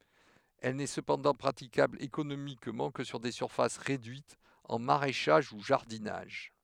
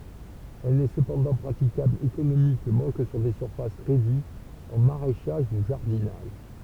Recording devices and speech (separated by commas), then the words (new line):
headset microphone, temple vibration pickup, read sentence
Elle n'est cependant praticable économiquement que sur des surfaces réduites, en maraîchage ou jardinage.